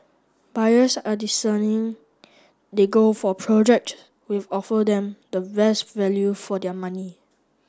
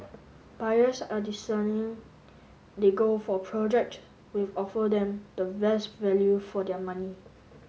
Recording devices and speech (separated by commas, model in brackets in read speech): standing microphone (AKG C214), mobile phone (Samsung S8), read sentence